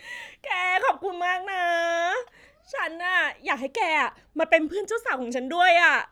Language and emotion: Thai, happy